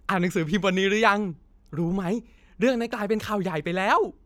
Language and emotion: Thai, happy